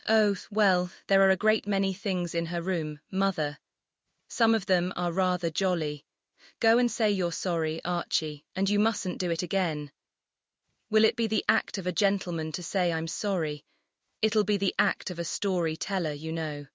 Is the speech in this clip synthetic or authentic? synthetic